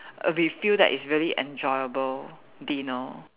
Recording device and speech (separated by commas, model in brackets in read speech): telephone, conversation in separate rooms